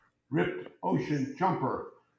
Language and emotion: English, disgusted